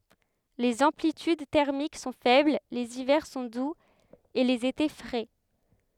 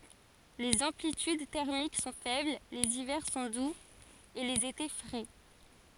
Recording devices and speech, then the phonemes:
headset microphone, forehead accelerometer, read sentence
lez ɑ̃plityd tɛʁmik sɔ̃ fɛbl lez ivɛʁ sɔ̃ duz e lez ete fʁɛ

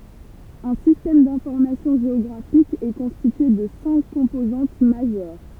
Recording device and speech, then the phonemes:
temple vibration pickup, read sentence
œ̃ sistɛm dɛ̃fɔʁmasjɔ̃ ʒeɔɡʁafik ɛ kɔ̃stitye də sɛ̃k kɔ̃pozɑ̃t maʒœʁ

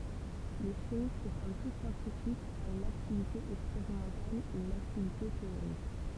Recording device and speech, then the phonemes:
temple vibration pickup, read sentence
lə ʃimist kɔm tu sjɑ̃tifik a yn aktivite ɛkspeʁimɑ̃tal e yn aktivite teoʁik

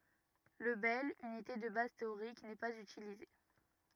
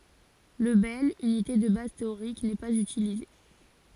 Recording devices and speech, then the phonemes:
rigid in-ear microphone, forehead accelerometer, read sentence
lə bɛl ynite də baz teoʁik nɛ paz ytilize

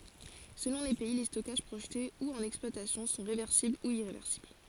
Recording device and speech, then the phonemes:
forehead accelerometer, read sentence
səlɔ̃ le pɛi le stɔkaʒ pʁoʒte u ɑ̃n ɛksplwatasjɔ̃ sɔ̃ ʁevɛʁsibl u iʁevɛʁsibl

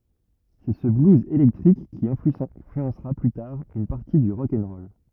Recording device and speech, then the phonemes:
rigid in-ear microphone, read sentence
sɛ sə bluz elɛktʁik ki ɛ̃flyɑ̃sʁa ply taʁ yn paʁti dy ʁɔk ɛn ʁɔl

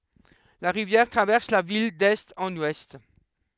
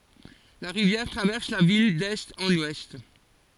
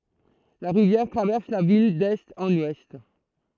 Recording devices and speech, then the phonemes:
headset microphone, forehead accelerometer, throat microphone, read sentence
la ʁivjɛʁ tʁavɛʁs la vil dɛst ɑ̃n wɛst

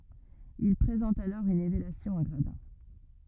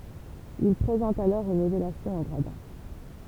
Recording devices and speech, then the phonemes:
rigid in-ear microphone, temple vibration pickup, read sentence
il pʁezɑ̃tt alɔʁ yn elevasjɔ̃ ɑ̃ ɡʁadɛ̃

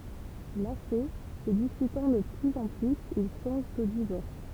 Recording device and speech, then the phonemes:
temple vibration pickup, read sentence
lase sə dispytɑ̃ də plyz ɑ̃ plyz il sɔ̃ʒt o divɔʁs

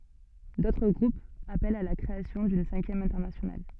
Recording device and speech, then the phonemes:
soft in-ear microphone, read sentence
dotʁ ɡʁupz apɛlt a la kʁeasjɔ̃ dyn sɛ̃kjɛm ɛ̃tɛʁnasjonal

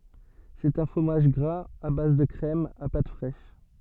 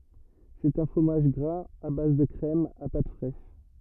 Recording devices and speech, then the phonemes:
soft in-ear microphone, rigid in-ear microphone, read sentence
sɛt œ̃ fʁomaʒ ɡʁaz a baz də kʁɛm a pat fʁɛʃ

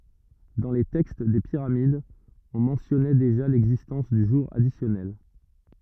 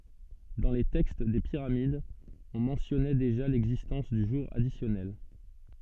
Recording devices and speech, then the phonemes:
rigid in-ear microphone, soft in-ear microphone, read sentence
dɑ̃ le tɛkst de piʁamidz ɔ̃ mɑ̃tjɔnɛ deʒa lɛɡzistɑ̃s dy ʒuʁ adisjɔnɛl

